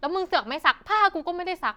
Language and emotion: Thai, angry